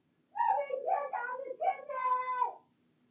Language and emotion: English, fearful